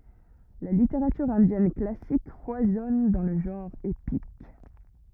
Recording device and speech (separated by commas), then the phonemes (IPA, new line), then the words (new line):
rigid in-ear microphone, read sentence
la liteʁatyʁ ɛ̃djɛn klasik fwazɔn dɑ̃ lə ʒɑ̃ʁ epik
La littérature indienne classique foisonne dans le genre épique.